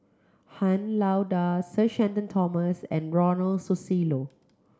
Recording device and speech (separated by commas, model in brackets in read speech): close-talking microphone (WH30), read sentence